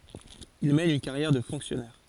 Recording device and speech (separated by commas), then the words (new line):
forehead accelerometer, read sentence
Il mène une carrière de fonctionnaire.